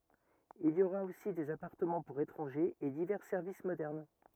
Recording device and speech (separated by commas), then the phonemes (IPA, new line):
rigid in-ear microphone, read sentence
il i oʁa osi dez apaʁtəmɑ̃ puʁ etʁɑ̃ʒez e divɛʁ sɛʁvis modɛʁn